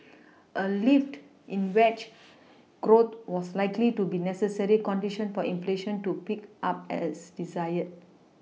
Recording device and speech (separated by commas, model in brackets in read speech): mobile phone (iPhone 6), read sentence